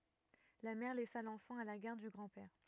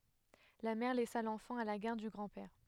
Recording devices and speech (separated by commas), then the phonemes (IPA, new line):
rigid in-ear microphone, headset microphone, read sentence
la mɛʁ lɛsa lɑ̃fɑ̃ a la ɡaʁd dy ɡʁɑ̃dpɛʁ